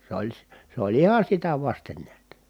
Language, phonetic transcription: Finnish, s ‿oĺ si- , se ‿oĺ iha sitä vasten niät .
- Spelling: se oli - se oli ihan sitä vasten näet

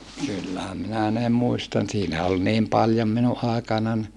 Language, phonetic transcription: Finnish, kyllähäm minä ne muistan siinä ol niim paljom minuʼ ʼàekanan .
- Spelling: kyllähän minä ne muistan siinä oli niin paljon minun aikanani

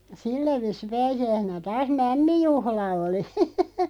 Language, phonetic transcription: Finnish, sillä viis̆si 'pääsi₍äisenä 'taas "mämmijuhla oli .
- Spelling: sillä viisiin pääsiäisenä taas mämmijuhla oli

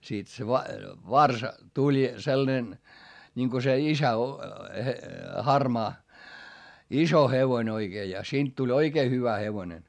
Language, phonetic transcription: Finnish, siit se va- , varsa tuĺ , sellᵃnen , ńiŋko se isä o- , he- , harmaa , iso hevoⁱn ‿oiGee ja siint tuĺ oikee hyvä hevonen .
- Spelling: siitä se - varsa tuli sellainen niin kun se isä - - harmaa iso hevonen oikein ja siitä tuli oikein hyvä hevonen

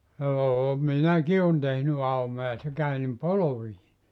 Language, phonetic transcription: Finnish, 'joo , "minäki on tehny 'aumoja se 'käy nim "polovii .
- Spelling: joo minäkin olen tehnyt aumoja se käy niin polviin

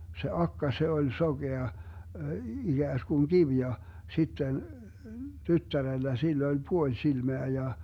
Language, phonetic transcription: Finnish, se 'akka 'se oĺ 'soGea , 'iGääskuŋ "kiv ja , 'sitten , 'tyttärellä 'sill ‿oĺ "puoĺ 'silmeä ja .
- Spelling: se akka se oli sokea ikään kuin kivi ja sitten tyttärellä sillä oli puoli silmää ja

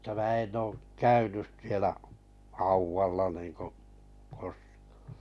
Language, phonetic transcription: Finnish, m̥ta mää 'en ook "käynys sielä , 'hauwvalla niiŋko , 'koskᴀᴀ .
- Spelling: mutta minä en ole käynyt siellä haudalla niin kuin koskaan

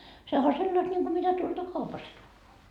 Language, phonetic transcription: Finnish, sehä o 'sellast ńiŋku mitä tuolta 'kaupast tuuvoa .
- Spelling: sehän on sellaista niin kuin mitä tuolta kaupasta tuodaan

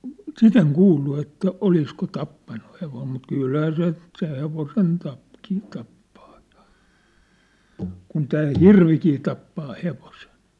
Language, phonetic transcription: Finnish, sit ‿eŋ "kuullu että "olisko "t̆appannu 'hevom mut 'kylhää se , se 'hevosen tap- , -kin tappᴀᴀ ᴊᴀ , 'kun 'tää "hirvikii tappaa 'hevosen̬ .
- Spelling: sitä en kuullut että olisiko tappanut hevosen mutta kyllähän se se hevosen - - tappaa ja kun tämä hirvikin tappaa hevosen

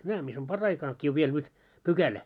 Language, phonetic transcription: Finnish, 'nää mis ‿on , 'par'raikakki ov 'viel nyt , 'pykälä .
- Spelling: nämä missä on paraikaa on vielä nyt pykälä

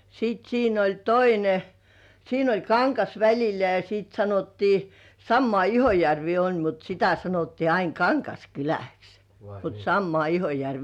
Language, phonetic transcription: Finnish, sit siin ‿oĺ "toine , siin ‿oĺ kaŋkas väĺil̆lä ja sìt sanottii , sammŏà Ihojärvii oĺ mut sitä sanottii ain "Kaŋkaskyläks , mut sammŏà 'Ihojärvii .
- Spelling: sitten siinä oli toinen siinä oli kangas välillä ja sitten sanottiin samaa Ihojärveä oli mutta sitä sanottiin aina Kangaskyläksi mutta samaa Ihojärveä

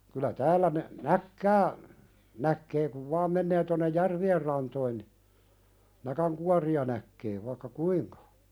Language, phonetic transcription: Finnish, kylä täällä ne- , "näkkää , näkkee kuv 'vaam mennee tonnej "järvi₍er rantoin ni , 'näkäŋkuari₍a näkkee vaⁱkka "kuiŋka .
- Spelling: kyllä täällä ne näkkiä näkee kun vain menee tuonne järvien rantoihin niin näkinkuoria näkee vaikka kuinka

